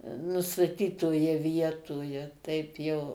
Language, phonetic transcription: Lithuanian, nustaˈtytoje ˈvietoje ˈtaip jau

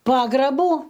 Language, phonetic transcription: Lithuanian, ˈpagrabų

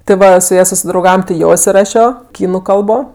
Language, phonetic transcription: Lithuanian, ti ˈva su ˈja susidrauˈgavam ti ˈjo isiˈrašio ˈkynu ˈkalbo

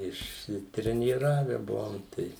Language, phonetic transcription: Lithuanian, išsitrenyˈrave ˈbuvom ˈtai

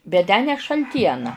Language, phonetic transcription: Lithuanian, bet ˈtę ne šalˈtiena

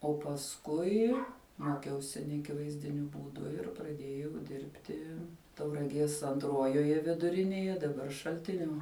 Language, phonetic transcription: Lithuanian, o pasˈkui ˈmokiausi neaˈkivaizdiniu ˈbūdu ir praˈdėjau ˈdirbti tauraˈgies anˈtruojoje viduˈrinėje daˈbar šalˈtinio

